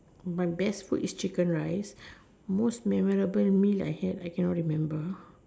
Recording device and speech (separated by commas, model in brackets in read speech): standing microphone, conversation in separate rooms